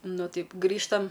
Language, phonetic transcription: Lithuanian, ˈnu ˈtaip ˈgrįžtam

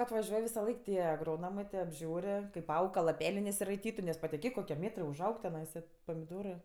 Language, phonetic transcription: Lithuanian, atvaˈžiuoj visaˈlaik ˈtie agroˈnomɜ tė apˈžiūr' kaip ˈaug ka laˈpelė nesiraiˈtytu nes patiˈkėk koˈkie ˈmėtrɜ užˈaug teˈnaisa pamiˈdorɜ

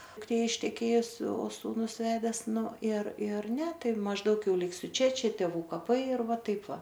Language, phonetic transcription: Lithuanian, dukˈtė išteˈkėjus o sūˈnus ˈvedes ˈnu ir ir ˈne ˈtai mažˈdaug ˈjau ˈliksiu ˈčia ˈčia tėˈvų kaˈpai ir ˈva ˈtaip ˈva

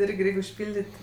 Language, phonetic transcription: Lithuanian, ˈirgi ˈreik' užˈpildit'

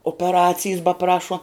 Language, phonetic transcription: Lithuanian, opeˈracijs baˈprašuo

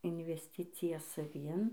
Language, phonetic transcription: Lithuanian, invesˈticija saˈvin

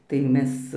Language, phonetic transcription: Lithuanian, tai ˈmes

